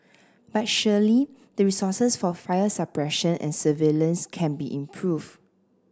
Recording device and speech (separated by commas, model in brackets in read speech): standing microphone (AKG C214), read sentence